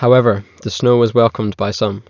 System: none